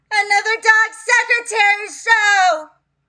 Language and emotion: English, fearful